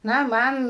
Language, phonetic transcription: Lithuanian, ˈna ˈman

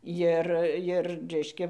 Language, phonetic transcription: Lithuanian, ˈjir ˈjir ˈreiškia

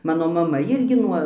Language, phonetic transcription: Lithuanian, ˈmano maˈma ˈirgi ˈnuo

